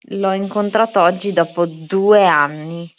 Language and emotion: Italian, disgusted